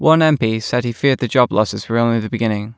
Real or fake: real